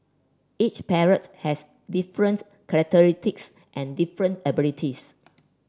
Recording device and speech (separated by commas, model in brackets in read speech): standing microphone (AKG C214), read sentence